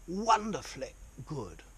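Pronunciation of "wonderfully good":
In 'wonderfully', the final y sound is cut off short, as in a very posh English accent.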